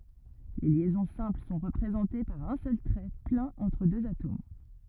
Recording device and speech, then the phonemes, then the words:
rigid in-ear microphone, read sentence
le ljɛzɔ̃ sɛ̃pl sɔ̃ ʁəpʁezɑ̃te paʁ œ̃ sœl tʁɛ plɛ̃n ɑ̃tʁ døz atom
Les liaisons simples sont représentées par un seul trait plein entre deux atomes.

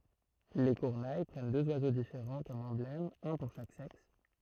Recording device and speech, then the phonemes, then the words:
throat microphone, read sentence
le kyʁne pʁɛn døz wazo difeʁɑ̃ kɔm ɑ̃blɛmz œ̃ puʁ ʃak sɛks
Les Kurnai prennent deux oiseaux différents comme emblèmes, un pour chaque sexe.

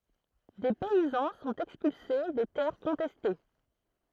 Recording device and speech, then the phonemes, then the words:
throat microphone, read sentence
de pɛizɑ̃ sɔ̃t ɛkspylse de tɛʁ kɔ̃tɛste
Des paysans sont expulsés des terres contestées.

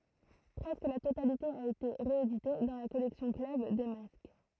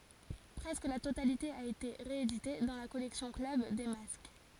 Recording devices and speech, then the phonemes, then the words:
throat microphone, forehead accelerometer, read sentence
pʁɛskə la totalite a ete ʁeedite dɑ̃ la kɔlɛksjɔ̃ klœb de mask
Presque la totalité a été rééditée dans la collection Club des Masques.

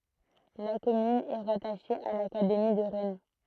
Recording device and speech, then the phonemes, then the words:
throat microphone, read sentence
la kɔmyn ɛ ʁataʃe a lakademi də ʁɛn
La commune est rattachée à l'académie de Rennes.

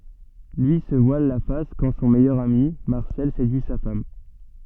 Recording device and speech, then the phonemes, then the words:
soft in-ear microphone, read sentence
lyi sə vwal la fas kɑ̃ sɔ̃ mɛjœʁ ami maʁsɛl sedyi sa fam
Lui se voile la face quand son meilleur ami, Marcel, séduit sa femme.

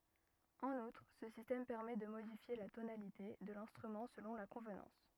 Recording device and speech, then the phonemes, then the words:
rigid in-ear microphone, read sentence
ɑ̃n utʁ sə sistɛm pɛʁmɛ də modifje la tonalite də lɛ̃stʁymɑ̃ səlɔ̃ la kɔ̃vnɑ̃s
En outre, ce système permet de modifier la tonalité de l'instrument selon la convenance.

